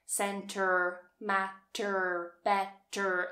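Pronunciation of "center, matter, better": In 'center', 'matter' and 'better', the endings are said with an R sound, the American English way.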